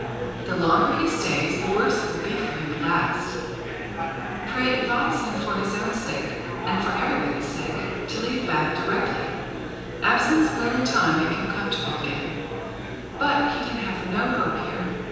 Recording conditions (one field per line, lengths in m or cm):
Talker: one person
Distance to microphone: 7.1 m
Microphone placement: far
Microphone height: 1.7 m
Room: very reverberant, large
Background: babble